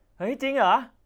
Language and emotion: Thai, happy